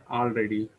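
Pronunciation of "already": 'already' is pronounced incorrectly here.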